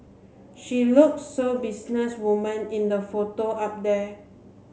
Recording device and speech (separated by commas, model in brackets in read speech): mobile phone (Samsung C7), read sentence